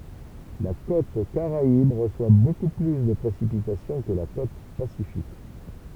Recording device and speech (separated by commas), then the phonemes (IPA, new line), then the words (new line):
temple vibration pickup, read sentence
la kot kaʁaib ʁəswa boku ply də pʁesipitasjɔ̃ kə la kot pasifik
La côte caraïbe reçoit beaucoup plus de précipitations que la côte pacifique.